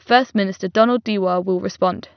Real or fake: real